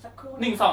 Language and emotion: Thai, neutral